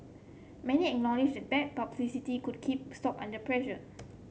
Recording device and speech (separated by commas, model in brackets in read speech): mobile phone (Samsung C7), read sentence